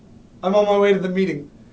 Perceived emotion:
neutral